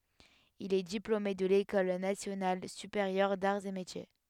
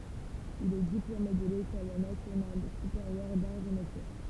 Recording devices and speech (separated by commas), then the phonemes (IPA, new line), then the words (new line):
headset microphone, temple vibration pickup, read sentence
il ɛ diplome də lekɔl nasjonal sypeʁjœʁ daʁz e metje
Il est diplômé de l'École nationale supérieure d'arts et métiers.